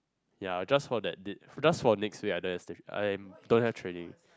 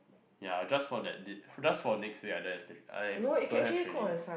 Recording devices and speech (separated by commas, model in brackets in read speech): close-talking microphone, boundary microphone, conversation in the same room